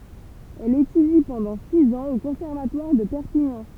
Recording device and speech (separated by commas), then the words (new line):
temple vibration pickup, read sentence
Elle étudie pendant six ans au conservatoire de Perpignan.